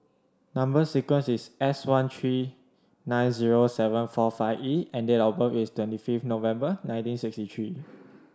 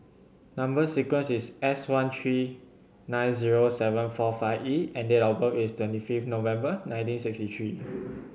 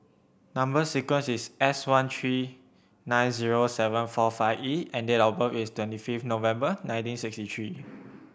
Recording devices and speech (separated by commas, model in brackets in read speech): standing microphone (AKG C214), mobile phone (Samsung C7100), boundary microphone (BM630), read sentence